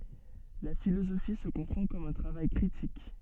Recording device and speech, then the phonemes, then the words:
soft in-ear microphone, read sentence
la filozofi sə kɔ̃pʁɑ̃ kɔm œ̃ tʁavaj kʁitik
La philosophie se comprend comme un travail critique.

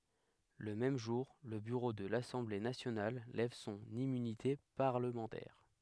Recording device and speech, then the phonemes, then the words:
headset microphone, read sentence
lə mɛm ʒuʁ lə byʁo də lasɑ̃ble nasjonal lɛv sɔ̃n immynite paʁləmɑ̃tɛʁ
Le même jour, le bureau de l'Assemblée nationale lève son immunité parlementaire.

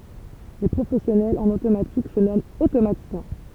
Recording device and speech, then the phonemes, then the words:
temple vibration pickup, read sentence
le pʁofɛsjɔnɛlz ɑ̃n otomatik sə nɔmɑ̃t otomatisjɛ̃
Les professionnels en automatique se nomment automaticiens.

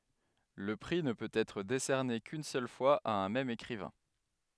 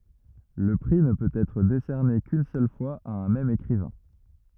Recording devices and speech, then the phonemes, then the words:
headset microphone, rigid in-ear microphone, read sentence
lə pʁi nə pøt ɛtʁ desɛʁne kyn sœl fwaz a œ̃ mɛm ekʁivɛ̃
Le prix ne peut être décerné qu'une seule fois à un même écrivain.

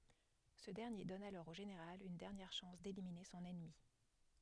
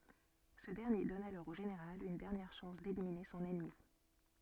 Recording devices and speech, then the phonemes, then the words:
headset microphone, soft in-ear microphone, read sentence
sə dɛʁnje dɔn alɔʁ o ʒeneʁal yn dɛʁnjɛʁ ʃɑ̃s delimine sɔ̃n ɛnmi
Ce dernier donne alors au Général une dernière chance d'éliminer son ennemi.

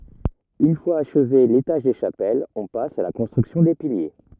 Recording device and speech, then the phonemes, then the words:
rigid in-ear microphone, read sentence
yn fwaz aʃve letaʒ de ʃapɛlz ɔ̃ pas a la kɔ̃stʁyksjɔ̃ de pilje
Une fois achevé l’étage des chapelles, on passe à la construction des piliers.

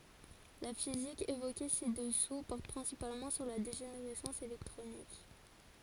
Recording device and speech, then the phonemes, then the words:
forehead accelerometer, read sentence
la fizik evoke si dəsu pɔʁt pʁɛ̃sipalmɑ̃ syʁ la deʒeneʁɛsɑ̃s elɛktʁonik
La physique évoquée ci-dessous porte principalement sur la dégénérescence électronique.

